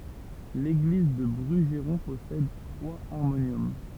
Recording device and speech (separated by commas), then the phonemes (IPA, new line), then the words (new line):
temple vibration pickup, read sentence
leɡliz dy bʁyʒʁɔ̃ pɔsɛd tʁwaz aʁmonjɔm
L'église du Brugeron possède trois harmoniums.